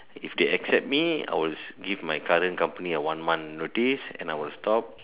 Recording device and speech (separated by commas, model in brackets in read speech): telephone, conversation in separate rooms